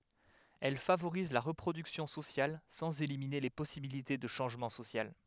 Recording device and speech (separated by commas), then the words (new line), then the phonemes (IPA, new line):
headset microphone, read sentence
Elle favorise la reproduction sociale sans éliminer les possibilités de changement social.
ɛl favoʁiz la ʁəpʁodyksjɔ̃ sosjal sɑ̃z elimine le pɔsibilite də ʃɑ̃ʒmɑ̃ sosjal